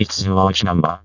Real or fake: fake